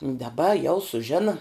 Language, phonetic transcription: Lithuanian, daˈba jau suˈžina

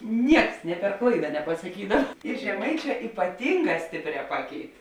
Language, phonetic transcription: Lithuanian, ˈnieks nė per ˈklaida nepasaˈkydav ir žeˈmaiˌčē ypaˈtynˌgā ˈstėpˌrē ˈpaˌkeit

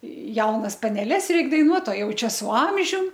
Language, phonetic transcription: Lithuanian, ˈjaunas paneˈles ˈreik daiˈnuot o ˈjau ˈčia su ˈamžium

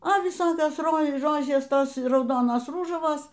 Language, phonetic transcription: Lithuanian, o viˈsokios ˈro ˈrožės ˈtos rauˈdonos ˈrūžavos

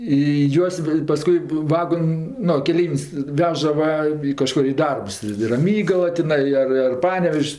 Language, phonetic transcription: Lithuanian, i ˈjuos va paˈskui ˈvagon' ˈnu keˈleivin's' ˈveža ˈva i kaˈžkor i ˈdarbs i i raˈmygala tiˈnai ˈar ar ˈpanevež's'

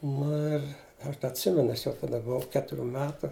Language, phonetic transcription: Lithuanian, ˈnu ir ˈaš da atˈsimenu ˈaš jau taˈda buˈvau ˈketuˌrių ˈmetu

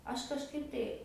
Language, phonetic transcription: Lithuanian, ˈaš kažˈkaip tai

